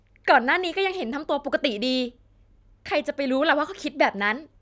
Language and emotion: Thai, frustrated